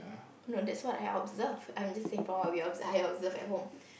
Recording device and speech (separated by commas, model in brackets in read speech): boundary microphone, conversation in the same room